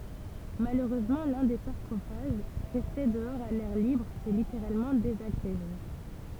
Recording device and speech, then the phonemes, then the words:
temple vibration pickup, read sentence
maløʁøzmɑ̃ lœ̃ de saʁkofaʒ ʁɛste dəɔʁz a lɛʁ libʁ sɛ liteʁalmɑ̃ dezaɡʁeʒe
Malheureusement, l'un des sarcophages, resté dehors à l'air libre, s'est littéralement désagrégé.

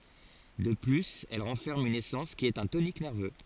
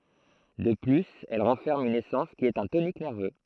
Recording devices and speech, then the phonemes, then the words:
forehead accelerometer, throat microphone, read sentence
də plyz ɛl ʁɑ̃fɛʁm yn esɑ̃s ki ɛt œ̃ tonik nɛʁvø
De plus elle renferme une essence qui est un tonique nerveux.

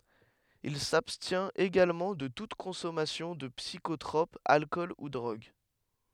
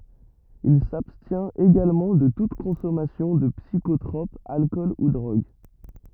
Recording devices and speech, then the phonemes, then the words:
headset microphone, rigid in-ear microphone, read sentence
il sabstjɛ̃t eɡalmɑ̃ də tut kɔ̃sɔmasjɔ̃ də psikotʁɔp alkɔl u dʁoɡ
Il s'abstient également de toute consommation de psychotrope, alcool ou drogue.

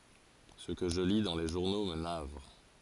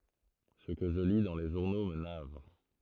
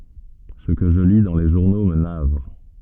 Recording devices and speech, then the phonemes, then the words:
forehead accelerometer, throat microphone, soft in-ear microphone, read sentence
sə kə ʒə li dɑ̃ le ʒuʁno mə navʁ
Ce que je lis dans les journaux me navre.

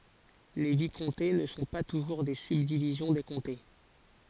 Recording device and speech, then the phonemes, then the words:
forehead accelerometer, read sentence
le vikɔ̃te nə sɔ̃ pa tuʒuʁ de sybdivizjɔ̃ de kɔ̃te
Les vicomtés ne sont pas toujours des subdivisions des comtés.

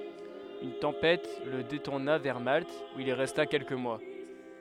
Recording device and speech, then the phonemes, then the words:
headset microphone, read sentence
yn tɑ̃pɛt lə detuʁna vɛʁ malt u il ʁɛsta kɛlkə mwa
Une tempête le détourna vers Malte, où il resta quelques mois.

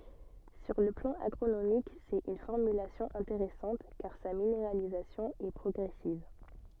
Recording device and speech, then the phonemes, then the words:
soft in-ear microphone, read sentence
syʁ lə plɑ̃ aɡʁonomik sɛt yn fɔʁmylasjɔ̃ ɛ̃teʁɛsɑ̃t kaʁ sa mineʁalizasjɔ̃ ɛ pʁɔɡʁɛsiv
Sur le plan agronomique, c’est une formulation intéressante car sa minéralisation est progressive.

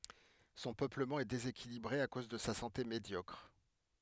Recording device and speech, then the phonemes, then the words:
headset microphone, read sentence
sɔ̃ pøpləmɑ̃ ɛ dezekilibʁe a koz də sa sɑ̃te medjɔkʁ
Son peuplement est déséquilibré à cause de sa santé médiocre.

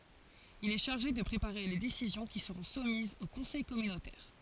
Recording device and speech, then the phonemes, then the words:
forehead accelerometer, read sentence
il ɛ ʃaʁʒe də pʁepaʁe le desizjɔ̃ ki səʁɔ̃ sumizz o kɔ̃sɛj kɔmynotɛʁ
Il est chargé de préparer les décisions qui seront soumises au conseil communautaire.

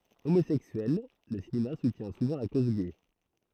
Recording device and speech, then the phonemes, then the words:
throat microphone, read sentence
omozɛksyɛl lə sineast sutjɛ̃ suvɑ̃ la koz ɡɛ
Homosexuel, le cinéaste soutient souvent la cause gay.

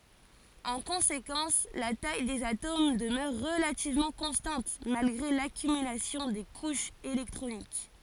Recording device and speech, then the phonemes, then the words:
forehead accelerometer, read sentence
ɑ̃ kɔ̃sekɑ̃s la taj dez atom dəmœʁ ʁəlativmɑ̃ kɔ̃stɑ̃t malɡʁe lakymylasjɔ̃ de kuʃz elɛktʁonik
En conséquence, la taille des atomes demeure relativement constante malgré l'accumulation des couches électroniques.

